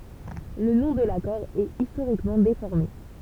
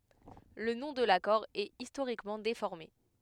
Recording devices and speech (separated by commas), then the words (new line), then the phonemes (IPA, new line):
temple vibration pickup, headset microphone, read sentence
Le nom de l'accord est historiquement déformé.
lə nɔ̃ də lakɔʁ ɛt istoʁikmɑ̃ defɔʁme